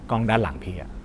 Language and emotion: Thai, neutral